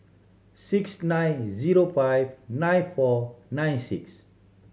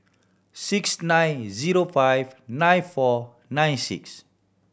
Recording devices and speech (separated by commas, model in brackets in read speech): mobile phone (Samsung C7100), boundary microphone (BM630), read sentence